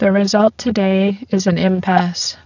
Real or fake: fake